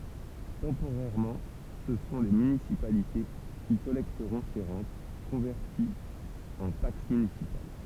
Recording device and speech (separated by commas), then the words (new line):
temple vibration pickup, read sentence
Temporairement, ce sont les municipalités qui collecteront ces rentes, converties en taxes municipales.